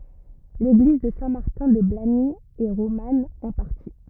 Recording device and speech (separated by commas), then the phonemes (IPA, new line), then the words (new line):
rigid in-ear microphone, read sentence
leɡliz də sɛ̃ maʁtɛ̃ də blaɲi ɛ ʁoman ɑ̃ paʁti
L'église de Saint-Martin-de-Blagny est romane, en partie.